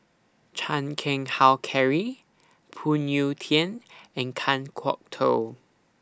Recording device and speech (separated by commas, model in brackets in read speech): standing microphone (AKG C214), read sentence